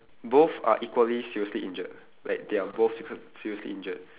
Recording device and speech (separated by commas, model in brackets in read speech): telephone, conversation in separate rooms